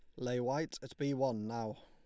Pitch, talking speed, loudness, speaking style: 130 Hz, 220 wpm, -38 LUFS, Lombard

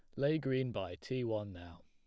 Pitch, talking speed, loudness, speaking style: 115 Hz, 215 wpm, -37 LUFS, plain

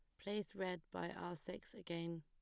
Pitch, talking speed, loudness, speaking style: 180 Hz, 180 wpm, -47 LUFS, plain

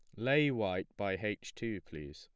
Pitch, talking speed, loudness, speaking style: 105 Hz, 185 wpm, -35 LUFS, plain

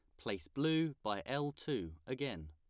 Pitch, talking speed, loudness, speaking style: 140 Hz, 155 wpm, -39 LUFS, plain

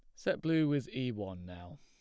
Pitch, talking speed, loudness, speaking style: 120 Hz, 225 wpm, -34 LUFS, plain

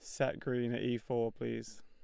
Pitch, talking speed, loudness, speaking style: 120 Hz, 220 wpm, -37 LUFS, Lombard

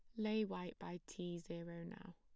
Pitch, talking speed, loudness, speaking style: 175 Hz, 185 wpm, -46 LUFS, plain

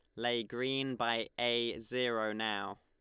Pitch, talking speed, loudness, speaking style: 115 Hz, 140 wpm, -35 LUFS, Lombard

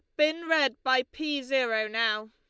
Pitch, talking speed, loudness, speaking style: 265 Hz, 170 wpm, -27 LUFS, Lombard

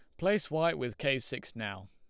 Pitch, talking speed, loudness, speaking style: 130 Hz, 215 wpm, -33 LUFS, Lombard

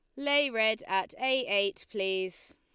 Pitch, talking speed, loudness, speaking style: 215 Hz, 155 wpm, -29 LUFS, Lombard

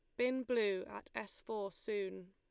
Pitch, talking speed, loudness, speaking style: 210 Hz, 170 wpm, -40 LUFS, Lombard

